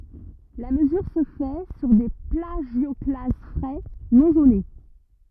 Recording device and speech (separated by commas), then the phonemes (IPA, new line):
rigid in-ear microphone, read sentence
la məzyʁ sə fɛ syʁ de plaʒjɔklaz fʁɛ nɔ̃ zone